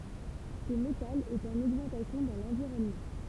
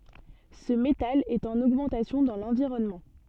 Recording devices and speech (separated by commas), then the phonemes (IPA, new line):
temple vibration pickup, soft in-ear microphone, read sentence
sə metal ɛt ɑ̃n oɡmɑ̃tasjɔ̃ dɑ̃ lɑ̃viʁɔnmɑ̃